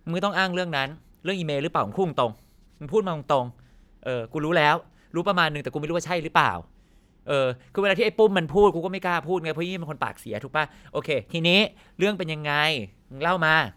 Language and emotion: Thai, angry